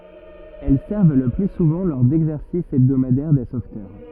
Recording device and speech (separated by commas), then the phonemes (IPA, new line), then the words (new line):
rigid in-ear microphone, read sentence
ɛl sɛʁv lə ply suvɑ̃ lɔʁ dɛɡzɛʁsis ɛbdomadɛʁ de sovtœʁ
Elles servent le plus souvent lors d'exercices hebdomadaires des sauveteurs.